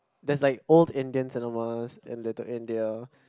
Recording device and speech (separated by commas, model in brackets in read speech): close-talking microphone, conversation in the same room